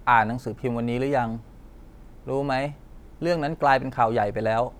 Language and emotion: Thai, frustrated